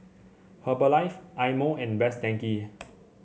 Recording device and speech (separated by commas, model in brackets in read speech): mobile phone (Samsung C7), read sentence